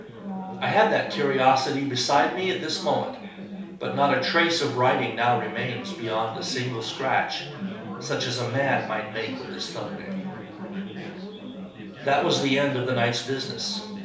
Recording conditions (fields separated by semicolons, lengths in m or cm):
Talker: one person; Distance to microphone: 3.0 m; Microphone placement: far; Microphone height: 1.8 m; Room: small (3.7 m by 2.7 m); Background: babble